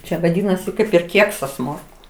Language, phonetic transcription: Lithuanian, ˈčia vaˈdynasi ˈkaip ir ˈkieksas ˈmorku

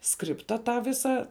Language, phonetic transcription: Lithuanian, ˈskripta ˈtą ˈvisa

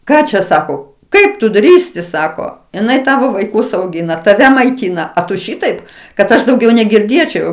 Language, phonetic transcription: Lithuanian, ˈką čia ˈsako ˈkaip tu ˈdrįsti ˈsako iˈnai ˈtavo vaiˈkus auˈgina taˈve maiˈtyna a tu ˈšitaip kad ˈaš dauˈgiau negirˈdėčiau

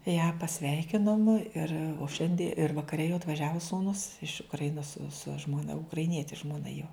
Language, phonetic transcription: Lithuanian, ją paˈsveikinom ir o ˈšiandi ir vakaˈre jau atvaˈžiavo sūˈnus iš ukraˈinos su žmoˈna ukraiˈnieti žmoˈna jo

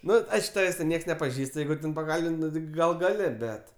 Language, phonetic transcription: Lithuanian, ˈnu ˈaišk ˈtavės' ten ˈnieks nepaˈžįst ˈjeigu ten paˈkalbin't' ˈnu ti ˈgal ˈgali ˈbet

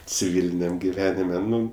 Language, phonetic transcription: Lithuanian, ciˈviliniam giˈvenime ˈnu

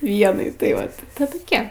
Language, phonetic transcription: Lithuanian, ˈvienai tai ˈvat tɜ toˈkie

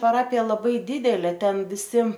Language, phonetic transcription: Lithuanian, paˈrapija laˈbai ˈdidelė ˈten viˈsi

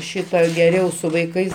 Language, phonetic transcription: Lithuanian, ˈšitą geˈriau su vaiˈkais

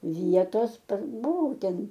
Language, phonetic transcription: Lithuanian, ˈvietos par buˈvau ˈten

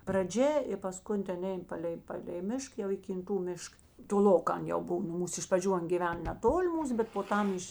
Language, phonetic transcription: Lithuanian, praˈdžia ir paˈskun ˈten ˈein ˈpalei ˈpalei ˈmišk jau į kinˈtų ˈmišk toˈlokā ˈan jau ˈbuv nu ˈmūs iš praˈdžių ˈan gyˈven neˈtoli ˈmūs bet po ˈtam ˈiš

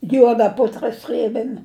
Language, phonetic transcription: Lithuanian, ˈjuoda ˈputra ˈsrėbėm'

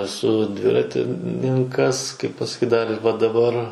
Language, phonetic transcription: Lithuanian, eˈsu ˈdviratininˈkas ˈkaip pasaˈkyt ˈdar ir va daˈbar

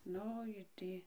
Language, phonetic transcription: Lithuanian, ˈnu i ˈtį

